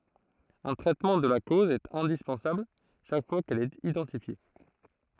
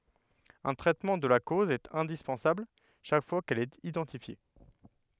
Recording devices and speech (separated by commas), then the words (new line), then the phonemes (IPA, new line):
throat microphone, headset microphone, read sentence
Un traitement de la cause est indispensable chaque fois qu'elle est identifiée.
œ̃ tʁɛtmɑ̃ də la koz ɛt ɛ̃dispɑ̃sabl ʃak fwa kɛl ɛt idɑ̃tifje